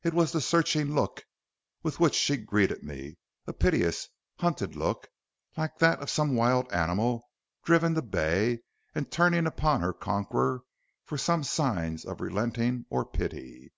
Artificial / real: real